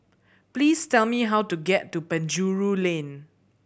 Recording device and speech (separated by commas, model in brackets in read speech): boundary microphone (BM630), read sentence